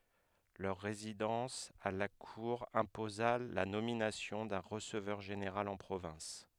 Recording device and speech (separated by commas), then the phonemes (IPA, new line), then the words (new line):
headset microphone, read sentence
lœʁ ʁezidɑ̃s a la kuʁ ɛ̃poza la nominasjɔ̃ dœ̃ ʁəsəvœʁ ʒeneʁal ɑ̃ pʁovɛ̃s
Leur résidence à la Cour imposa la nomination d’un receveur général en province.